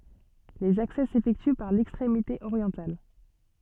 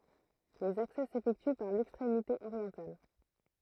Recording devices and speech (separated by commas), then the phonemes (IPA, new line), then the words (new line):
soft in-ear microphone, throat microphone, read sentence
lez aksɛ sefɛkty paʁ lɛkstʁemite oʁjɑ̃tal
Les accès s'effectuent par l'extrémité orientale.